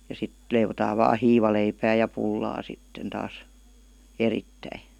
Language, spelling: Finnish, ja sitten leivotaan vain hiivaleipää ja pullaa sitten taas erittäin
- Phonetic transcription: ja 'sit , leivotaav vaa 'hiivaleipää ja 'pullaa sitten taas , 'erittäi .

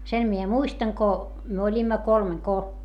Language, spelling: Finnish, sen minä muistan kun me olimme kolmen kun
- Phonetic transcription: sen mie muistaŋ ko , myö oĺimma kolmeŋ ko - ,.

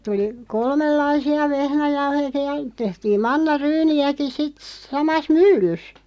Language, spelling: Finnish, tuli kolmenlaisia vehnäjauhojakin ja tehtiin mannaryyniäkin sitten samassa myllyssä
- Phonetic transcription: 'tuli , 'kolmellaisi₍a 'vehnäjauhoja(ki) ja , 'tehtiim 'manna"ryyni₍äki sit , 'samas "myllys .

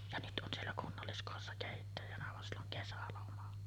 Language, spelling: Finnish, ja nyt on siellä kunnalliskodissa keittäjänä vaan sillä on kesäloma
- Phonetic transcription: ja 'nyt ’on siellä 'kunnalliskòessa 'kèittäjänä van sill ‿oŋ 'kesäloma .

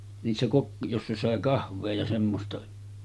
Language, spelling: Finnish, niissä - jossa sai kahvia ja semmoista
- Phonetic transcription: niissä kok- , 'jossa sàe 'kahv̆vee ja semmosta .

